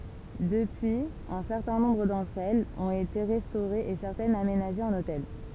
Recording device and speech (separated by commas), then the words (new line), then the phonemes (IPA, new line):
temple vibration pickup, read sentence
Depuis, un certain nombre d'entre elles ont été restaurées et certaines aménagées en hôtel.
dəpyiz œ̃ sɛʁtɛ̃ nɔ̃bʁ dɑ̃tʁ ɛlz ɔ̃t ete ʁɛstoʁez e sɛʁtɛnz amenaʒez ɑ̃n otɛl